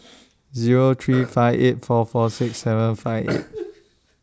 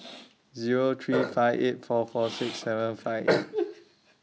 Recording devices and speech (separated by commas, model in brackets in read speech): standing microphone (AKG C214), mobile phone (iPhone 6), read sentence